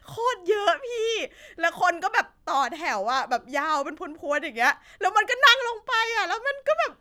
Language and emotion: Thai, happy